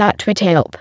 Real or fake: fake